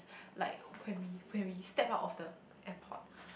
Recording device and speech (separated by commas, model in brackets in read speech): boundary microphone, conversation in the same room